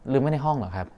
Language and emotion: Thai, neutral